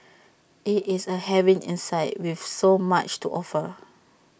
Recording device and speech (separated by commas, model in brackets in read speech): boundary microphone (BM630), read sentence